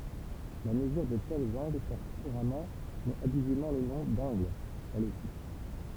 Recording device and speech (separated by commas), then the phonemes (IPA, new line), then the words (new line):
temple vibration pickup, read sentence
la məzyʁ də tɛlz ɑ̃ɡl pɔʁt kuʁamɑ̃ mɛz abyzivmɑ̃ lə nɔ̃ dɑ̃ɡl ɛl osi
La mesure de tels angles porte couramment mais abusivement le nom d'angle, elle aussi.